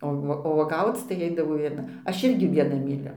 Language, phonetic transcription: Lithuanian, o ˈvuo o uoˈgauc tai ˈaidavo vieˈna ˈaš ˈirgi vieˈna myˈliu

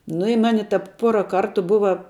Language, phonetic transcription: Lithuanian, nu i ˈmani ˈtap ˈpuora ˈkartu ˈbuva

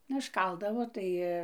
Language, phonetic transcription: Lithuanian, nu išˈkaldavo ˈtai

